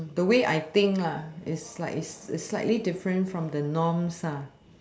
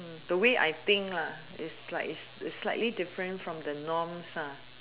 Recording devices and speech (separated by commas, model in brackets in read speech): standing microphone, telephone, conversation in separate rooms